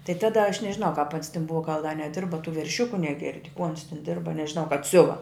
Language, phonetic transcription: Lithuanian, tai ˈtada aš nežiˈnau kap ans tin ˈbuva gal da neˈdirba tų verˈšiuku neˈgirdi kū ans tin ˈdirba nežiˈnau kap ˈsiuva

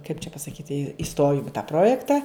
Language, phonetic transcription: Lithuanian, kaip čia pasaˈkyti iˈstojum i tą ˈprojekta

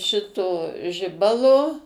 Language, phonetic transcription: Lithuanian, ˈšito ˈžibalo

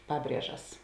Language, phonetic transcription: Lithuanian, ˈpaˌbriežas

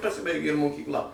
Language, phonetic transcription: Lithuanian, paˈsibaigė ir mokykˈla

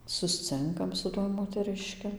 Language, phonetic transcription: Lithuanian, susˈcinkam su ˈtuoj moteˈriški

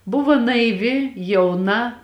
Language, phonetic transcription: Lithuanian, ˈbuvo naiˈvi jauˈna

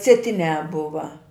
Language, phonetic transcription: Lithuanian, sieˈtiniā ˈbuva

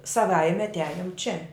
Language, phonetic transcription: Lithuanian, saˈvaime atˈiajum čia

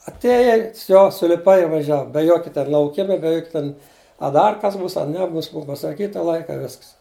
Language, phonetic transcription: Lithuanian, atˈėjai ˈvsio suliˈpai i vaˈžiav be ˈjoki ˈten lauˈkima be ˈjok' ˈten a ˈdar kas ˈbūs a ˈnebūs ˈbua pasaˈkyta ˈlaika i ˈvisks

